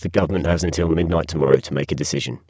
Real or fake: fake